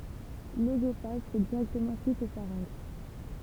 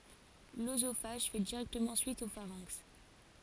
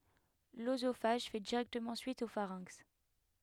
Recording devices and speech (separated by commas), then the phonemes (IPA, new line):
temple vibration pickup, forehead accelerometer, headset microphone, read sentence
løzofaʒ fɛ diʁɛktəmɑ̃ syit o faʁɛ̃ks